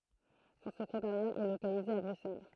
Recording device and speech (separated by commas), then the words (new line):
throat microphone, read sentence
Son secrétariat est localisé à Bruxelles.